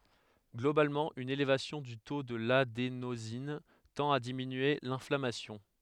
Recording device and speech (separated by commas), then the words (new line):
headset microphone, read sentence
Globalement, une élévation du taux de l'adénosine tend à diminuer l'inflammation.